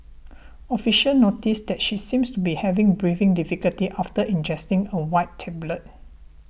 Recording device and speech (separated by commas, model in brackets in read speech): boundary microphone (BM630), read sentence